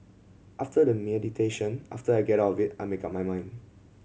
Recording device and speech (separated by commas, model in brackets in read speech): mobile phone (Samsung C7100), read sentence